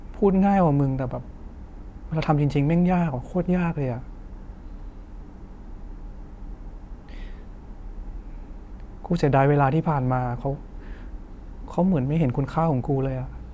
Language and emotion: Thai, frustrated